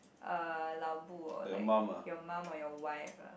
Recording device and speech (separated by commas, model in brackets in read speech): boundary microphone, conversation in the same room